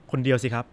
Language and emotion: Thai, neutral